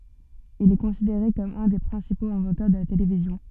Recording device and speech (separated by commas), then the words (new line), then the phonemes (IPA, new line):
soft in-ear microphone, read sentence
Il est considéré comme un des principaux inventeurs de la télévision.
il ɛ kɔ̃sideʁe kɔm œ̃ de pʁɛ̃sipoz ɛ̃vɑ̃tœʁ də la televizjɔ̃